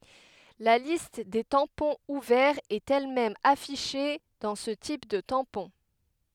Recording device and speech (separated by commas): headset microphone, read sentence